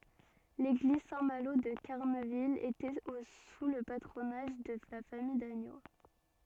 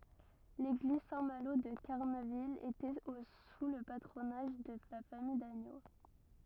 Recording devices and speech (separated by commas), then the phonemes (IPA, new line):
soft in-ear microphone, rigid in-ear microphone, read sentence
leɡliz sɛ̃ malo də kaʁnəvil etɛt o su lə patʁonaʒ də la famij daɲo